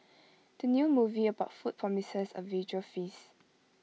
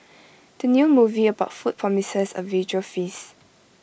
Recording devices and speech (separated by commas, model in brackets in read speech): mobile phone (iPhone 6), boundary microphone (BM630), read sentence